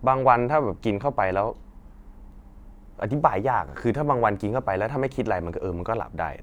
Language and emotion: Thai, frustrated